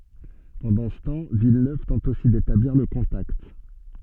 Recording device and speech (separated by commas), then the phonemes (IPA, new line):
soft in-ear microphone, read sentence
pɑ̃dɑ̃ sə tɑ̃ vilnøv tɑ̃t osi detabliʁ lə kɔ̃takt